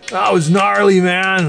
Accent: California accent